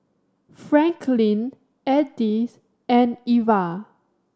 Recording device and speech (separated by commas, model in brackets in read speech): standing microphone (AKG C214), read sentence